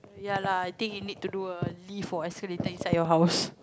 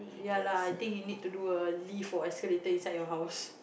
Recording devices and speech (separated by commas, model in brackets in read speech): close-talking microphone, boundary microphone, conversation in the same room